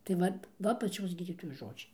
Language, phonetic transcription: Lithuanian, tai ˈvat ˈva paˈčios ˈgydytojos ˈžodžiai

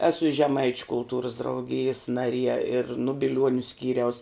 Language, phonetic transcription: Lithuanian, ˈesu i žeˈmaičiu kulˈtūrus drauˈgijis naˈrie ir nu biˈliuoniu ˈskyriaus

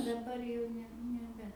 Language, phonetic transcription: Lithuanian, daˈbar jau ˈne neˈbe

